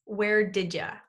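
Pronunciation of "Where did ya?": In 'Where did ya?', 'did you' is linked and reduced so that it sounds like 'did ya'.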